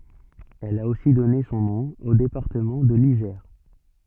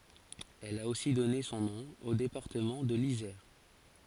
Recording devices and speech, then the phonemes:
soft in-ear microphone, forehead accelerometer, read sentence
ɛl a osi dɔne sɔ̃ nɔ̃ o depaʁtəmɑ̃ də lizɛʁ

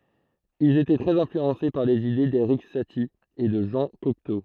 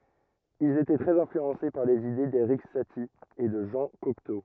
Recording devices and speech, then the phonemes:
throat microphone, rigid in-ear microphone, read sentence
ilz etɛ tʁɛz ɛ̃flyɑ̃se paʁ lez ide deʁik sati e də ʒɑ̃ kɔkto

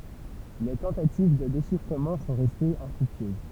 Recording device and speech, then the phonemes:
temple vibration pickup, read sentence
le tɑ̃tativ də deʃifʁəmɑ̃ sɔ̃ ʁɛstez ɛ̃fʁyktyøz

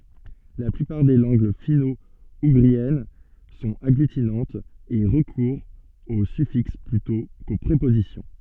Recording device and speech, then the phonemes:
soft in-ear microphone, read sentence
la plypaʁ de lɑ̃ɡ fino uɡʁiɛn sɔ̃t aɡlytinɑ̃tz e ʁəkuʁt o syfiks plytɔ̃ ko pʁepozisjɔ̃

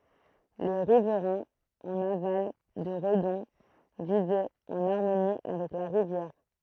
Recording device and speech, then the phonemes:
throat microphone, read sentence
le ʁivʁɛ̃z ɑ̃n aval də ʁədɔ̃ vivɛt ɑ̃n aʁmoni avɛk la ʁivjɛʁ

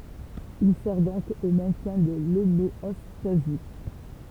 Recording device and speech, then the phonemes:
temple vibration pickup, read sentence
il sɛʁ dɔ̃k o mɛ̃tjɛ̃ də lomeɔstazi

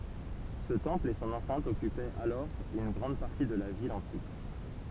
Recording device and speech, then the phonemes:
temple vibration pickup, read sentence
sə tɑ̃pl e sɔ̃n ɑ̃sɛ̃t ɔkypɛt alɔʁ yn ɡʁɑ̃d paʁti də la vil ɑ̃tik

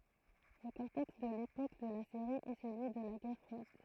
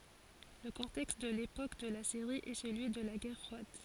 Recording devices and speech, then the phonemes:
throat microphone, forehead accelerometer, read sentence
lə kɔ̃tɛkst də lepok də la seʁi ɛ səlyi də la ɡɛʁ fʁwad

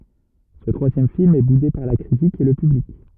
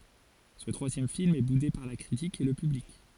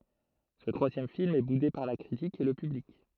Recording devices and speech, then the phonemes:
rigid in-ear microphone, forehead accelerometer, throat microphone, read sentence
sə tʁwazjɛm film ɛ bude paʁ la kʁitik e lə pyblik

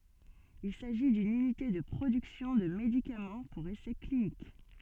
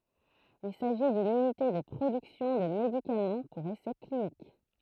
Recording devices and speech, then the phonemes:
soft in-ear microphone, throat microphone, read sentence
il saʒi dyn ynite də pʁodyksjɔ̃ də medikamɑ̃ puʁ esɛ klinik

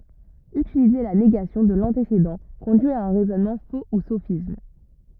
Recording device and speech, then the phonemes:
rigid in-ear microphone, read sentence
ytilize la neɡasjɔ̃ də lɑ̃tesedɑ̃ kɔ̃dyi a œ̃ ʁɛzɔnmɑ̃ fo u sofism

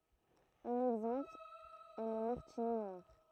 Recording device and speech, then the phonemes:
throat microphone, read sentence
œ̃n ɛɡzɑ̃pl ɛ lə maʁtinɛ nwaʁ

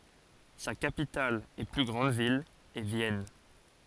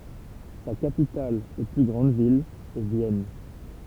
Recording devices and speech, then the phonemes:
forehead accelerometer, temple vibration pickup, read sentence
sa kapital e ply ɡʁɑ̃d vil ɛ vjɛn

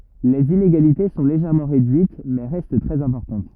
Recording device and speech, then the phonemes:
rigid in-ear microphone, read sentence
lez ineɡalite sɔ̃ leʒɛʁmɑ̃ ʁedyit mɛ ʁɛst tʁɛz ɛ̃pɔʁtɑ̃t

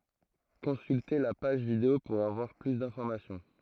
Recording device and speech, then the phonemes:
throat microphone, read sentence
kɔ̃sylte la paʒ video puʁ avwaʁ ply dɛ̃fɔʁmasjɔ̃

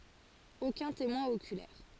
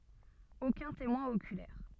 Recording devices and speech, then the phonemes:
forehead accelerometer, soft in-ear microphone, read sentence
okœ̃ temwɛ̃ okylɛʁ

